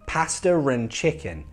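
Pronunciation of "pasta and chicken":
In 'pasta and chicken', 'pasta' ends in a schwa, and an R sound connects it to 'and'.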